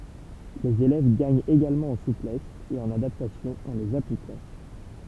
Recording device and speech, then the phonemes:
temple vibration pickup, read sentence
lez elɛv ɡaɲt eɡalmɑ̃ ɑ̃ suplɛs e ɑ̃n adaptasjɔ̃ ɑ̃ lez aplikɑ̃

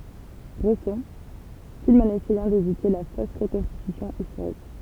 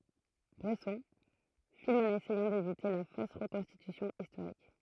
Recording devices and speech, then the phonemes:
temple vibration pickup, throat microphone, read sentence
bʁɛsɔ̃ film ɑ̃n esɛjɑ̃ devite la fos ʁəkɔ̃stitysjɔ̃ istoʁik

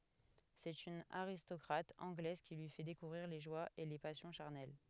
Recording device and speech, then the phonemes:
headset microphone, read sentence
sɛt yn aʁistɔkʁat ɑ̃ɡlɛz ki lyi fɛ dekuvʁiʁ le ʒwaz e le pasjɔ̃ ʃaʁnɛl

